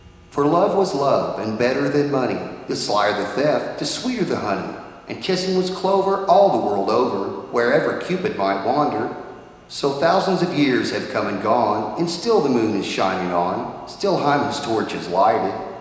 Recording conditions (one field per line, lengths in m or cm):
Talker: one person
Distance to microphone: 1.7 m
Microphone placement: close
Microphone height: 1.0 m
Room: very reverberant, large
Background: none